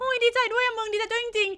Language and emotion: Thai, happy